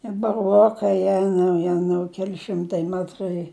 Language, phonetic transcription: Lithuanian, i baˈruokai ˈjenau ˈjenau ˈkeli ˈšimtai ˈmetrai

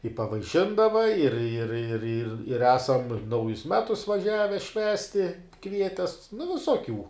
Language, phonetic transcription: Lithuanian, i pavaiˈšindava ir ir ir ir ir ˈesam ˈnaujus ˈmetus vaˈžiave ˈšvęsti ˈkvietes nu visoˈkių

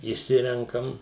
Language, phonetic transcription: Lithuanian, išˈsirenkam

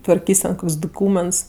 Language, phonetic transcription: Lithuanian, tvarˈkys' ten ˈkok's' duˈkūments

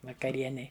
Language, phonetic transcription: Lithuanian, vakaˈrienei

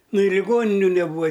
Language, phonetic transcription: Lithuanian, ˈnu i liˈgoniniu neˈbūva

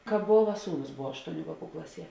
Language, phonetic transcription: Lithuanian, ˈkāp bova ˈsūˌnus ˈbova ˈaštouˌnių ˈvāˌkų ˈklaˌsie

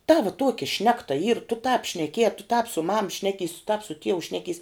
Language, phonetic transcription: Lithuanian, ˈtava ˈtuoki ˈšnekta yr tu tāp šneˈkie a tu tāp su mam ˈšnekeis tāp su ˈtieu ˈšnekeis

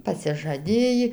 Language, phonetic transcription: Lithuanian, pasižaˈdėjį

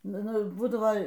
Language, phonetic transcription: Lithuanian, ˈnu ˈnu ˈbūdavo

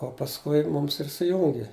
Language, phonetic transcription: Lithuanian, o pasˈkui ˈmums ir suˈjungi

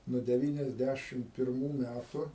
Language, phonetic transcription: Lithuanian, nuo deˈvyniasˌdæšim pirˈmų ˈmætu

